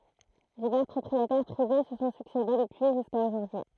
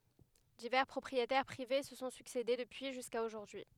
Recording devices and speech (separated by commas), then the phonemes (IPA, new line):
throat microphone, headset microphone, read sentence
divɛʁ pʁɔpʁietɛʁ pʁive sə sɔ̃ syksede dəpyi ʒyska oʒuʁdyi